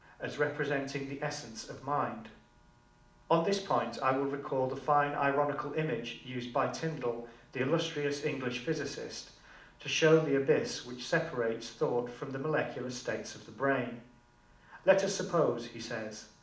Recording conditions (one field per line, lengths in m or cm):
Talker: one person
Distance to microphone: 2.0 m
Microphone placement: close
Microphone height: 99 cm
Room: medium-sized (5.7 m by 4.0 m)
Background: none